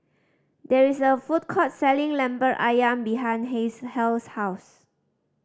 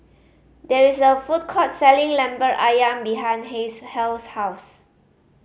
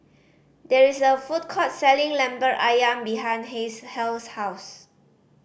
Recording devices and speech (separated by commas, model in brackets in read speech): standing microphone (AKG C214), mobile phone (Samsung C5010), boundary microphone (BM630), read sentence